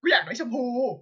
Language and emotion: Thai, happy